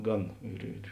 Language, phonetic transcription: Lithuanian, ˈgan ir ir

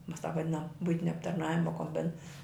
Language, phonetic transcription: Lithuanian, ˈmas tāp vaˈdinam ˈbuitinia aptarˈnavima komˈbin

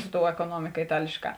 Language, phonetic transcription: Lithuanian, su tou ekoˈnuomika iˈtalėšˌkā

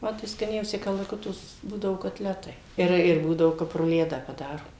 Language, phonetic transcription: Lithuanian, ˈma tai skaˈniausi kalaˈkuto s ˈbūdavo kotˈletai ir ir ˈbūdao ˈkap ruˈledą paˈdaro

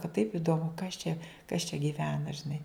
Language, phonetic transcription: Lithuanian, ka taip idoˈmu kas čia kas čia gyˈvena žiˈnai

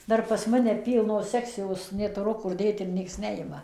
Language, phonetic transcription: Lithuanian, ˈdar pas ˈmane ˈpylnos ˈsekcijos netuˈru ˈkur ˈdėt ir ˈnieks ˈnejima

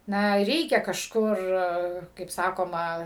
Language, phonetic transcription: Lithuanian, ˈna ˈreikia kažˈkur kaip ˈsakoma

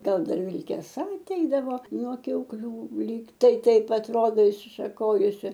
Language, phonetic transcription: Lithuanian, ˈgal ˈdar vilkeˈsa aˈteidavo nuo kiaukˈlių ˈlyg tai ˈtaip atˈrodo išsišaˈkojusi

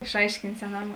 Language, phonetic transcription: Lithuanian, išˈaiškint' seˈnam

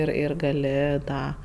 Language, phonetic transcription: Lithuanian, ˈir ir gaˈli ˈtą

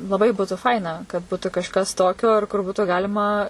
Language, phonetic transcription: Lithuanian, laˈbai ˈbūtu ˈfaina kad ˈbūtu kažˈkas ˈtokio ar kur ˈbūtų ˈgalima

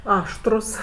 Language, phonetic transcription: Lithuanian, ˈaštrus

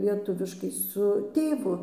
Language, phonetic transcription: Lithuanian, lieˈtuviškai su ˈtėvu

